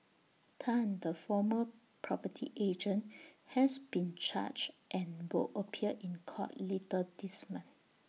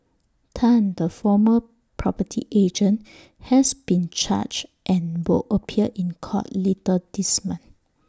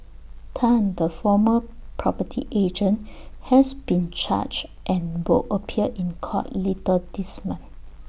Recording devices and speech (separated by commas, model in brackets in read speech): mobile phone (iPhone 6), standing microphone (AKG C214), boundary microphone (BM630), read sentence